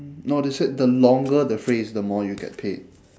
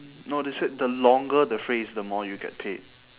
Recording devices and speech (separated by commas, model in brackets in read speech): standing microphone, telephone, conversation in separate rooms